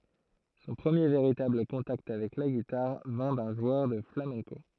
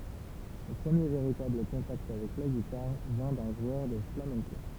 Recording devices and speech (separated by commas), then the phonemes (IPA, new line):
throat microphone, temple vibration pickup, read sentence
sɔ̃ pʁəmje veʁitabl kɔ̃takt avɛk la ɡitaʁ vɛ̃ dœ̃ ʒwœʁ də flamɛ̃ko